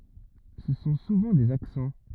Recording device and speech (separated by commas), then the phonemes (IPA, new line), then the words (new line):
rigid in-ear microphone, read sentence
sə sɔ̃ suvɑ̃ dez aksɑ̃
Ce sont souvent des accents.